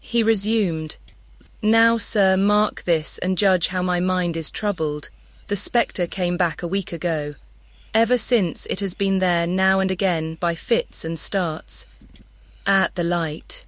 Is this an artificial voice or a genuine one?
artificial